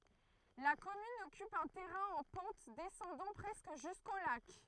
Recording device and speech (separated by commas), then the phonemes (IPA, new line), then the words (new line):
throat microphone, read sentence
la kɔmyn ɔkyp œ̃ tɛʁɛ̃ ɑ̃ pɑ̃t dɛsɑ̃dɑ̃ pʁɛskə ʒysko lak
La commune occupe un terrain en pente descendant presque jusqu'au lac.